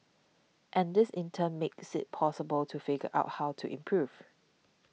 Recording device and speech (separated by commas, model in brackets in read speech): mobile phone (iPhone 6), read sentence